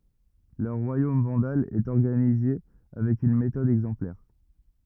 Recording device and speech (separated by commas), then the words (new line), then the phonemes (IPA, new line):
rigid in-ear microphone, read sentence
Leur Royaume vandale est organisé avec une méthode exemplaire.
lœʁ ʁwajom vɑ̃dal ɛt ɔʁɡanize avɛk yn metɔd ɛɡzɑ̃plɛʁ